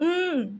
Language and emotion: Thai, neutral